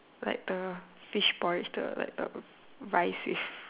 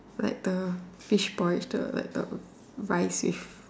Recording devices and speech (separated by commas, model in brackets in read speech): telephone, standing microphone, conversation in separate rooms